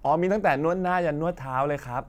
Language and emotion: Thai, neutral